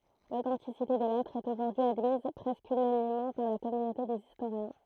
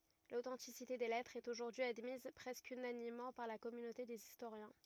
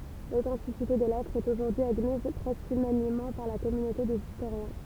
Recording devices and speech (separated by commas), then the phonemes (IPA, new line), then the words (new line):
throat microphone, rigid in-ear microphone, temple vibration pickup, read sentence
lotɑ̃tisite de lɛtʁz ɛt oʒuʁdyi admiz pʁɛskə ynanimmɑ̃ paʁ la kɔmynote dez istoʁjɛ̃
L'authenticité des lettres est aujourd'hui admise presque unanimement par la communauté des historiens.